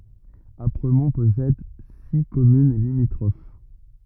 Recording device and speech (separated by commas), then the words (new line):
rigid in-ear microphone, read sentence
Apremont possède six communes limitrophes.